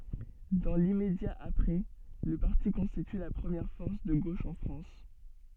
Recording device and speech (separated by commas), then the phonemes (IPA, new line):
soft in-ear microphone, read sentence
dɑ̃ limmedja apʁɛ lə paʁti kɔ̃stity la pʁəmjɛʁ fɔʁs də ɡoʃ ɑ̃ fʁɑ̃s